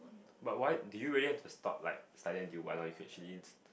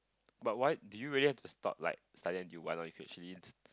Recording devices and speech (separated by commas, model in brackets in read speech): boundary microphone, close-talking microphone, conversation in the same room